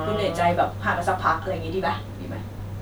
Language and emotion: Thai, frustrated